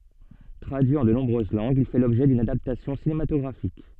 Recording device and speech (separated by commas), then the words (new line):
soft in-ear microphone, read sentence
Traduit en de nombreuses langues, il fait l'objet d'une adaptation cinématographique.